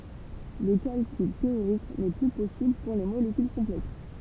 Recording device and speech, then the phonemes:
temple vibration pickup, read sentence
lə kalkyl teoʁik nɛ ply pɔsibl puʁ le molekyl kɔ̃plɛks

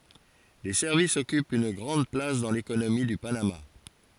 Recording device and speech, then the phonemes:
forehead accelerometer, read sentence
le sɛʁvisz ɔkypt yn ɡʁɑ̃d plas dɑ̃ lekonomi dy panama

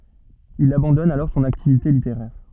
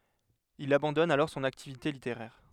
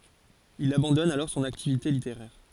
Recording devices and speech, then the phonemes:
soft in-ear microphone, headset microphone, forehead accelerometer, read sentence
il abɑ̃dɔn alɔʁ sɔ̃n aktivite liteʁɛʁ

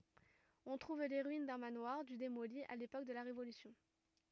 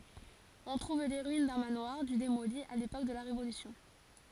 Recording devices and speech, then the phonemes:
rigid in-ear microphone, forehead accelerometer, read sentence
ɔ̃ tʁuv le ʁyin dœ̃ manwaʁ dy demoli a lepok də la ʁevolysjɔ̃

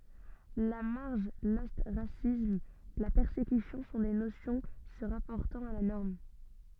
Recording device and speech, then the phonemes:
soft in-ear microphone, read sentence
la maʁʒ lɔstʁasism la pɛʁsekysjɔ̃ sɔ̃ de nosjɔ̃ sə ʁapɔʁtɑ̃t a la nɔʁm

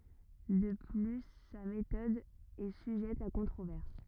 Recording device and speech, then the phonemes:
rigid in-ear microphone, read sentence
də ply sa metɔd ɛ syʒɛt a kɔ̃tʁovɛʁs

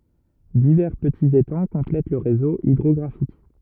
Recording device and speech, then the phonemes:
rigid in-ear microphone, read sentence
divɛʁ pətiz etɑ̃ kɔ̃plɛt lə ʁezo idʁɔɡʁafik

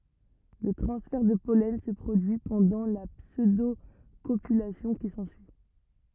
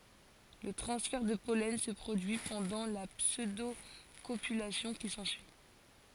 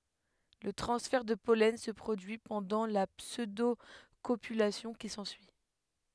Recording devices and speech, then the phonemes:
rigid in-ear microphone, forehead accelerometer, headset microphone, read sentence
lə tʁɑ̃sfɛʁ də pɔlɛn sə pʁodyi pɑ̃dɑ̃ la psødokopylasjɔ̃ ki sɑ̃syi

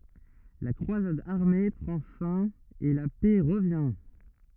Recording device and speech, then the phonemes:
rigid in-ear microphone, read sentence
la kʁwazad aʁme pʁɑ̃ fɛ̃ e la pɛ ʁəvjɛ̃

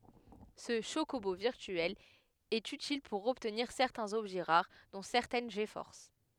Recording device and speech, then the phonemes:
headset microphone, read sentence
sə ʃokobo viʁtyɛl ɛt ytil puʁ ɔbtniʁ sɛʁtɛ̃z ɔbʒɛ ʁaʁ dɔ̃ sɛʁtɛn ɡfɔʁs

